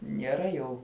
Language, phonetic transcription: Lithuanian, nieˈra jau

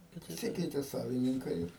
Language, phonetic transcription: Lithuanian, paˈsikeite ˈsavininkai ir

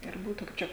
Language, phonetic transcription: Lithuanian, ir ˈbūtu kaip ˈčia

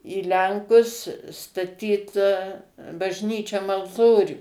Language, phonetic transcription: Lithuanian, į ˈlenkus staˈtyt bažˈnyčiom alˈtorių

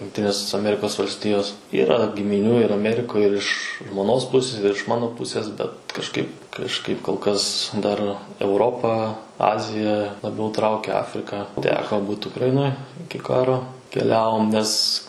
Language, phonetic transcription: Lithuanian, jungˈtinės aˈmerikos valsˈtijos ˈyra gimiˈnių ir aˈmerikoj ir iš žmoˈnos ˈpusis ir iš ˈmano ˈpusės ˈbet kažˈkaip kažˈkaip kol ˈkas dar euˈropą ˈazija laˈbiau ˈtraukia ˈafrika ˈteko ˈbūt ukraˈinoj ˈiki ˈkaro keˈliavom nes

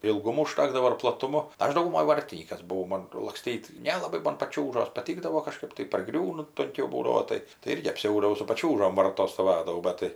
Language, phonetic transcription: Lithuanian, ilˈgumo uˈžtakdavo ir plaˈtumo ˈaš dauguˈmoj ˈvartinykas buˈvau ˈmon lakˈstyt nelaˈbai ˈmon paˈčiūžos paˈtykdavo kaˈžkaip tai parˈgriūnu tunˈkiau ˈbūdavo ˈtai tai ˈirgi apˈsiaudavau su paˈčiūžom ˈvartos stoˈvadavau ˈbat tai

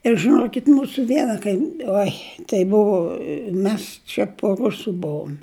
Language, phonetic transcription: Lithuanian, ir žɨˈnokit' ˈmūsu ˈviena kaim ˈoi tai ˈbuvu ˈmes čia po ˈrusu ˈbuvum

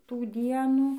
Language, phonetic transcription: Lithuanian, ˈtų ˈdienų

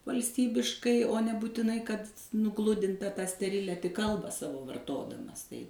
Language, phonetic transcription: Lithuanian, valsˈtybiškai o nebūtiˈnai kad nuˈgludinta tą steˈrilia tik ˈkalbą ˈsavo varˈtodamas tai

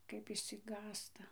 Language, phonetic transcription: Lithuanian, kaip išsiˈgąsta

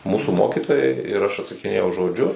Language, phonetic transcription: Lithuanian, ˈmūsų ˈmokitojai ir aš atsakiˈnėjau žoˈdžiu

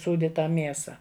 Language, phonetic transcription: Lithuanian, ˈsūdi ˈtą ˈmiesa

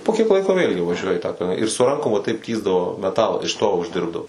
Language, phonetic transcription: Lithuanian, po kiek ˈlaiko vėlgi vaˈžiuoja i tą ir su ˈrankom va taip ˈtįsdavo meˈtalą iš to užˈdirbdavo

